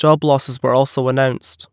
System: none